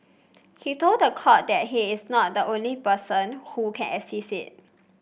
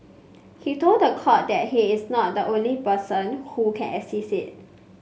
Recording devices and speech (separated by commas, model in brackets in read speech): boundary microphone (BM630), mobile phone (Samsung C5), read sentence